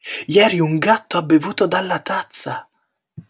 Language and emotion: Italian, surprised